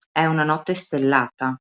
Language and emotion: Italian, neutral